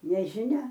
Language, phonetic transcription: Lithuanian, nežiˈnia

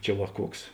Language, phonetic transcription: Lithuanian, ˈčia va ˈkuoks

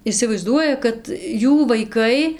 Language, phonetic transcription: Lithuanian, isivaiˈzduoja kad ˈjų vaiˈkai

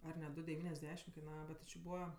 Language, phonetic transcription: Lithuanian, ar ne ˈdu devyniasˈdešim kaiˈnava bet ti či ˈbūva

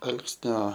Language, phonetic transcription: Lithuanian, ˈalksnio

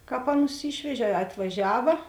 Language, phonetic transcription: Lithuanian, ˈkāp ˈaˌnus ˈyšvežė a atvaˈžiava

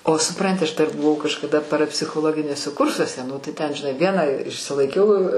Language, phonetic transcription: Lithuanian, o suˈpranti aš dar buˈvau kažkaˈda parapsichoˈloginiuose ˈkursuose ˈnu tai ˈten žiˈnai ˈvieną išsilaiˈkiau

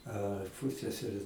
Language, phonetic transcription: Lithuanian, a ˈpuseserė

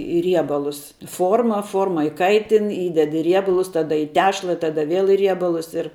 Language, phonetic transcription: Lithuanian, i ˈriebalus ˈforma ˈforma iˈkaitin ˈįded i ˈriebalus ˈtada į ˈtešla ˈtada ˈvėl i ˈriebalus ir

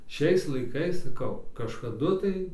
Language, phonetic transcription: Lithuanian, ˈšiais laiˈkais saˈkau kažkaˈdu tai

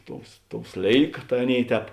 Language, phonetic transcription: Lithuanian, ˈtous ˈtou ˈslėika tai ˈaˌnėi ˈtēp

